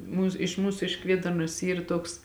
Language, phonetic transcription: Lithuanian, ˈmūs iš ˈmūsu iš ˈkvėdarnos ˈyr ˈtoks

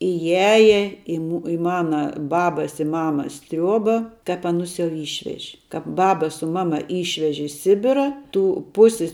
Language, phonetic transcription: Lithuanian, iˈjaje i mu i ˈmana ˈbabas i ˈmamas ˈtriuoba kap aˈnus jau ˈyšveži ˈkap ˈbaba su ˈmaˌma ˈyšveži i ˈsibira ˈtų ˈpusis

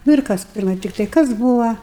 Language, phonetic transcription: Lithuanian, nu ir ˈkas ˈpirmai ˈtiktai ˈkas ˈbūva

